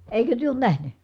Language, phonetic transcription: Finnish, eikö työ oon nähny ?
- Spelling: eikö te ole nähnyt

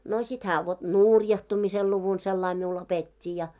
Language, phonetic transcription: Finnish, no sit hää vot "nùrjahtumisel luvun sellai miul 'opet́t́i ja .
- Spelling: no sitten hän vot nurjahtumisen luvun sillä lailla minulle opetti ja

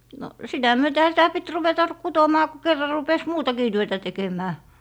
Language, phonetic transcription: Finnish, no , "sitä 'myötehä sitä pit 'ruveta "kutomaa ku kerra rupes "muutakii 'työtä 'tekemää .
- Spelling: no sitä myötenhän sitä piti ruveta kutomaan kun kerran rupesi muutakin työtä tekemään

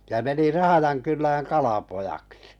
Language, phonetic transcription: Finnish, ja 'meni 'Rahajankyllääŋ 'kalapojakksɪ .
- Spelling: ja meni Rahjankylään kalapojaksi

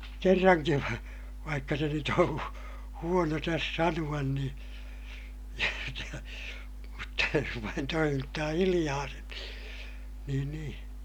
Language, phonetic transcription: Finnish, kerraŋkiv va- , vaikka se nyt ‿oo̰ , huono täs sanu₍an niḭ , mutta jos vain toimittaa hiliʲaa sen (ni) , niin niḭ , .
- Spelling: kerrankin - vaikka se nyt on huono tässä sanoa niin mutta jos vain toimittaa hiljaa sen - niin niin

